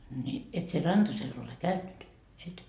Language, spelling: Finnish, niin et sinä Rantasella ole käynyt et
- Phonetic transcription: ni , et sie 'Rantasel ole "käynnyt , 'et ?

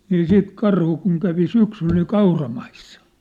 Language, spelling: Finnish, niin siitä karhu kun kävi syksyllä niin kauramaissa
- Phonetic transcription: nii 'siit 'karhu kun kävi 'syksyl ni 'kauramaissa .

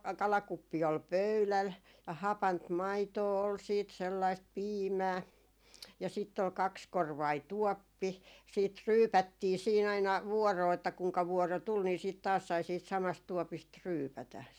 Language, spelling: Finnish, kalakuppi oli pöydällä ja hapanta maitoa oli sitten sellaista piimää ja sitten oli kaksikorvainen tuoppi siitä ryypättiin siinä aina vuoroon että kenenkä vuoro tuli niin sitten sai taas siitä samasta tuopista ryypätä
- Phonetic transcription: 'kalakuppi ol "pöyläl , ja 'hapant "maitoo ol 'siit sellaist "piimää , ja sitt ‿ol 'kakskorvai "tuɔppi , siit "ryypättii siin ‿aina , 'vuɔroo että 'kuŋka 'vuɔro 'tul ni siit sai taas siit 'samast 'tuɔpist "ryypätä .

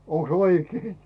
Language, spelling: Finnish, onkos oikein
- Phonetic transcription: 'oŋks "oikei ?

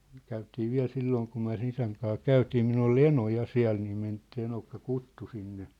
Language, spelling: Finnish, käytiin vielä silloin kun me sen isän kanssa käytiin minulla oli eno ja siellä niin - se eno kutsui sinne
- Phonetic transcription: käytii 'viä̭l 'sillooŋ kum myä̭ sĕ'n ‿isäŋ kaa "käytii minull ‿ol "eno 'ja "siä̭l nii men- , se enokka "kuttu 'sinne .

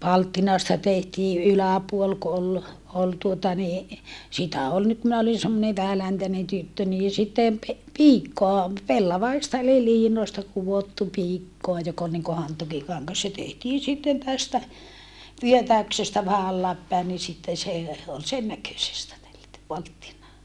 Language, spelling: Finnish, palttinasta tehtiin yläpuoli kun oli oli tuota niin sitä oli nyt minä olin semmoinen vähäläntäinen tyttö niin sitten - piikkoa pellavaista eli liinoista kudottu piikkoa joka oli niin kuin hantuukikangas se tehtiin sitten tästä vyötäyksestä vähän alas päin niin sitten se oli sen näköisestä tellätty palttinaa
- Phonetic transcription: palttinasta tehtii ʼyläpuol ku ol , ol tuota ni , sitä ol nyt minä olin semmone vähäläntänen tyttö nii sittem pe- , piikkoa , pellavaista eli liinòi̮sta kuvottu piikkoa jok ‿ol niŋko hantukikaŋŋas se tehtiin sitten tästä , vyötä̀y̬ksestä vähä allaap päen ni sitten se , ol sen näkösestä (tellätty) palttinaa .

